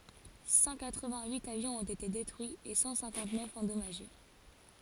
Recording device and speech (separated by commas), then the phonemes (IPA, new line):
forehead accelerometer, read sentence
sɑ̃ katʁ vɛ̃t yit avjɔ̃z ɔ̃t ete detʁyiz e sɑ̃ sɛ̃kɑ̃t nœf ɑ̃dɔmaʒe